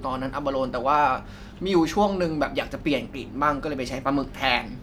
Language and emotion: Thai, frustrated